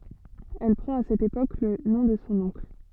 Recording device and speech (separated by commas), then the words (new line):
soft in-ear microphone, read sentence
Elle prend à cette époque le nom de son oncle.